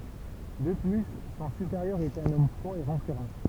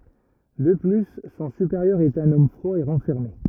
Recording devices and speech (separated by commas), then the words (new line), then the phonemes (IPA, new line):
temple vibration pickup, rigid in-ear microphone, read sentence
De plus, son supérieur est un homme froid et renfermé.
də ply sɔ̃ sypeʁjœʁ ɛt œ̃n ɔm fʁwa e ʁɑ̃fɛʁme